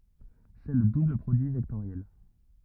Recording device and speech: rigid in-ear microphone, read sentence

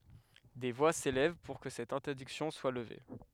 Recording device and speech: headset microphone, read sentence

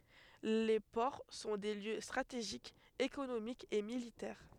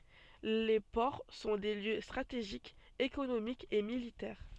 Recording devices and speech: headset microphone, soft in-ear microphone, read sentence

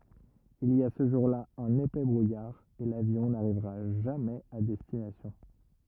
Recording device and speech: rigid in-ear microphone, read sentence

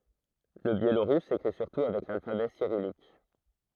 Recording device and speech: throat microphone, read sentence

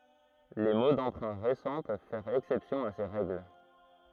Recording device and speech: throat microphone, read sentence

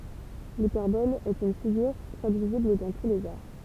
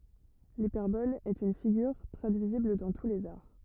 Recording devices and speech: temple vibration pickup, rigid in-ear microphone, read sentence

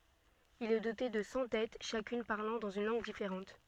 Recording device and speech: soft in-ear microphone, read sentence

